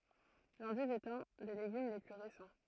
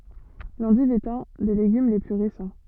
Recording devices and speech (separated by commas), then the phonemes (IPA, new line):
throat microphone, soft in-ear microphone, read sentence
lɑ̃div ɛt œ̃ de leɡym le ply ʁesɑ̃